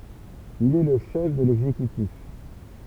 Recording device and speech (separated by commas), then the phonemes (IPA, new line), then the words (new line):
temple vibration pickup, read sentence
il ɛ lə ʃɛf də lɛɡzekytif
Il est le chef de l'exécutif.